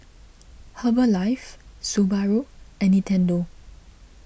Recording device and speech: boundary microphone (BM630), read sentence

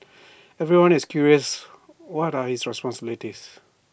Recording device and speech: boundary microphone (BM630), read sentence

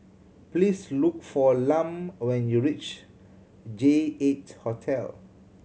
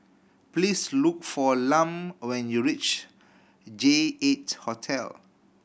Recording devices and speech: mobile phone (Samsung C7100), boundary microphone (BM630), read sentence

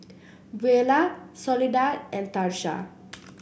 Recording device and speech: boundary microphone (BM630), read sentence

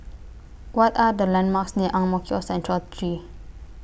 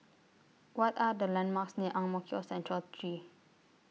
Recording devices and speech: boundary microphone (BM630), mobile phone (iPhone 6), read sentence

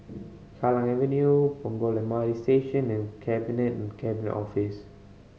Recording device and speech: mobile phone (Samsung C5010), read sentence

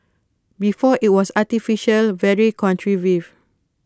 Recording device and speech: close-talking microphone (WH20), read sentence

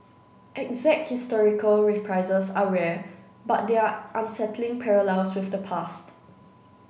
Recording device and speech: boundary microphone (BM630), read sentence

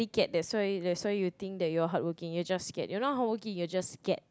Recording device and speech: close-talking microphone, conversation in the same room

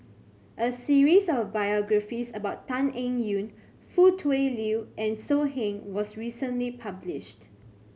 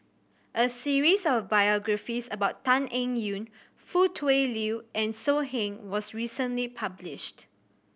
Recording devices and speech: mobile phone (Samsung C7100), boundary microphone (BM630), read sentence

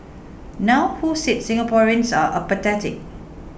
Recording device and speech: boundary microphone (BM630), read sentence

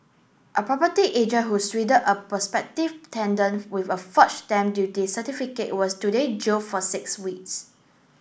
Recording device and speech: boundary microphone (BM630), read sentence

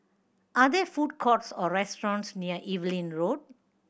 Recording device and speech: boundary microphone (BM630), read sentence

